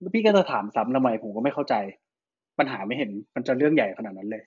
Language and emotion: Thai, frustrated